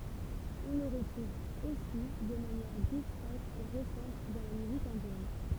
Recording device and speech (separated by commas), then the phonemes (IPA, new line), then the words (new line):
temple vibration pickup, read sentence
ɔ̃ lə ʁətʁuv osi də manjɛʁ diskʁɛt e ʁesɑ̃t dɑ̃ la myzik ɛ̃djɛn
On le retrouve aussi de manière discrète et récente dans la musique indienne.